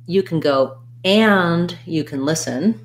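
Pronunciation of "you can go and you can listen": In 'you can go and you can listen', the word 'and' is stressed and said with a clear a vowel.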